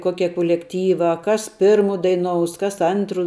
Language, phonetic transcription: Lithuanian, ˈkoke kulekˈtyvā ˈkas ˈpirmu daiˈnous ˈkas ˈantru

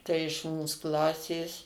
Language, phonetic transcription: Lithuanian, ˈtai iš ˈmūs ˈklasės

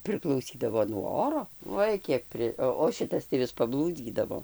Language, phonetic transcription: Lithuanian, priklauˈsydavo nuo ˈoro ˈoi ˈkiek ˈpri ˈo o ˈšitas tai ˈvis paˈblūdzydavo

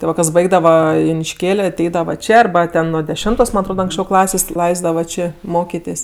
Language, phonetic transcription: Lithuanian, ti ˈva kas ˈbaigdava junišˈkėl' aˈteidava ˈčė arˈba ˈten nuo deˈšemtos man atˈrod anksˈčiau ˈklasės' ˈlaisdava ˈčė ˈmokitės'

